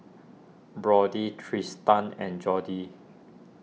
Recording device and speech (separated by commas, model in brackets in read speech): mobile phone (iPhone 6), read sentence